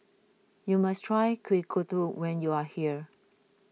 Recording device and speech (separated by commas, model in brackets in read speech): mobile phone (iPhone 6), read sentence